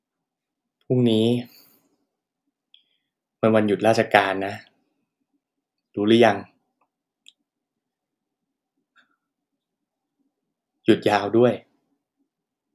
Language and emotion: Thai, frustrated